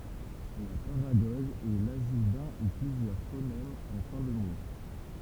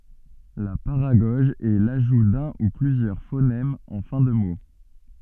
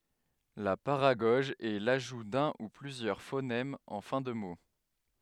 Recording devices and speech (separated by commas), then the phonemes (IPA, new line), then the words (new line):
temple vibration pickup, soft in-ear microphone, headset microphone, read sentence
la paʁaɡɔʒ ɛ laʒu dœ̃ u plyzjœʁ fonɛmz ɑ̃ fɛ̃ də mo
La paragoge est l'ajout d'un ou plusieurs phonèmes en fin de mot.